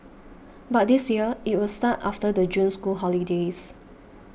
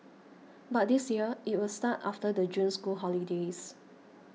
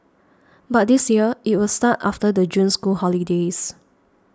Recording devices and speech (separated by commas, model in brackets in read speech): boundary microphone (BM630), mobile phone (iPhone 6), standing microphone (AKG C214), read sentence